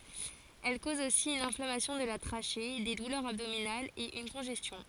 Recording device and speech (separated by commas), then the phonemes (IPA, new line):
forehead accelerometer, read sentence
ɛl koz osi yn ɛ̃flamasjɔ̃ də la tʁaʃe de dulœʁz abdominalz e yn kɔ̃ʒɛstjɔ̃